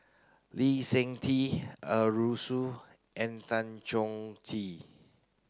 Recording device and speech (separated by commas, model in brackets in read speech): close-talking microphone (WH30), read sentence